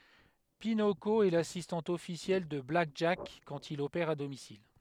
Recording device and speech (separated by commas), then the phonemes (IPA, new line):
headset microphone, read sentence
pinoko ɛ lasistɑ̃t ɔfisjɛl də blak ʒak kɑ̃t il opɛʁ a domisil